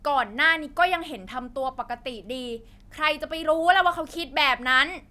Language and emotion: Thai, angry